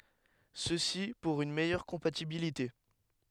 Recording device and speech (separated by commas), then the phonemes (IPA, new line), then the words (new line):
headset microphone, read sentence
səsi puʁ yn mɛjœʁ kɔ̃patibilite
Ceci pour une meilleure compatibilité.